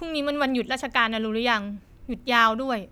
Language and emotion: Thai, frustrated